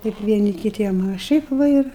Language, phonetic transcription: Lithuanian, ˈteip vieˈni kiˈtiem a ˈšiaip va ˈir

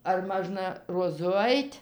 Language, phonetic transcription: Lithuanian, ar ˈmažna roˈzu ˈait'

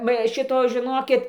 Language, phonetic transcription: Lithuanian, va ˈšito žiˈnokit

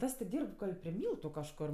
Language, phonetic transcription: Lithuanian, ˈtas ti ˈdyrb ˈgal' pri ˈmyltu kažˈkor

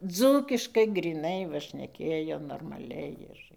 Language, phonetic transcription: Lithuanian, ˈdzūkiškai gryˈnai tɨˈkraiva šneˈkėjo normaˈliai ir

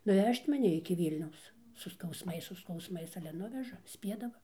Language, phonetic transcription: Lithuanian, nuˈvež't' maˈni iki ˈvylniaus su skausˈmais su skausˈmais ˈale ˈnuveža ˈspiedava

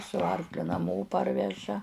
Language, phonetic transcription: Lithuanian, su ˈarkliu naˈmo ˈparveža

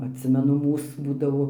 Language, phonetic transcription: Lithuanian, atˈsimenu ˈmūs ˈbūdavo

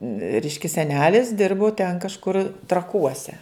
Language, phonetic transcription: Lithuanian, ˈreiškia seˈnelis ˈdirbu ten kažˈkur traˈkuose

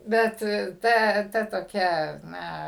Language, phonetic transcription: Lithuanian, ˈbet ˈta ta toˈkia ˈna

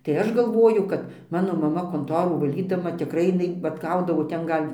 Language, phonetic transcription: Lithuanian, tai ˈaš galˈvoju kad ˈmano maˈma konˈtorų vaˈlydama tikˈrai jiˈnai vat ˈgaudavo ˈten ˈgal'

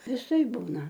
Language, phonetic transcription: Lithuanian, viˈsai ˈbūna

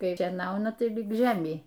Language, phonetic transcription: Lithuanian, ˈkai šieˈnauna ˈtai lig ˈžemei

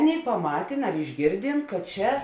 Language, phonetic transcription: Lithuanian, ˈaˌnėi paˈmatėn ar išˈgėrdėn kad ˈčia

